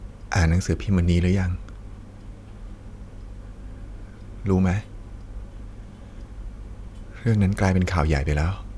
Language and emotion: Thai, sad